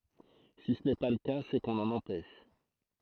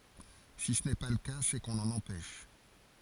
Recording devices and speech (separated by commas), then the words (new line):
throat microphone, forehead accelerometer, read sentence
Si ce n’est pas le cas, c’est qu’on l’en empêche.